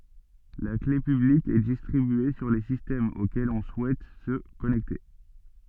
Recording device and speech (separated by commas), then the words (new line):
soft in-ear microphone, read sentence
La clé publique est distribuée sur les systèmes auxquels on souhaite se connecter.